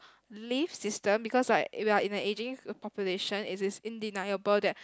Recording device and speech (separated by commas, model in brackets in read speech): close-talking microphone, conversation in the same room